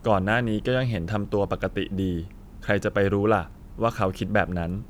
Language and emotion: Thai, neutral